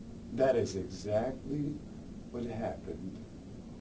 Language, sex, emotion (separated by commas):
English, male, neutral